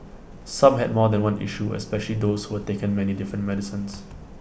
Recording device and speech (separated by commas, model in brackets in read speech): boundary microphone (BM630), read sentence